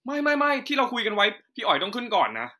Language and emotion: Thai, neutral